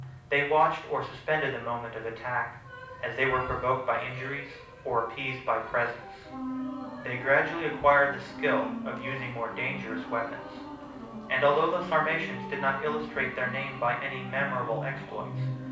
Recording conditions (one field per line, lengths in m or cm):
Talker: one person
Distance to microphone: 5.8 m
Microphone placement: far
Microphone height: 1.8 m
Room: medium-sized (5.7 m by 4.0 m)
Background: music